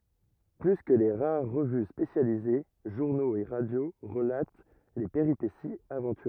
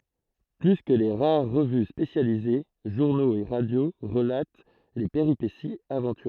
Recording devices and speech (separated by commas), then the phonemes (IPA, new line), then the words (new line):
rigid in-ear microphone, throat microphone, read sentence
ply kə le ʁaʁ ʁəvy spesjalize ʒuʁnoz e ʁadjo ʁəlat le peʁipesiz avɑ̃tyʁøz
Plus que les rares revues spécialisées, journaux et radio relatent les péripéties aventureuses.